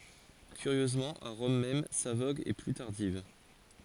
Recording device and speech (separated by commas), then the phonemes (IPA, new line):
forehead accelerometer, read sentence
kyʁjøzmɑ̃ a ʁɔm mɛm sa voɡ ɛ ply taʁdiv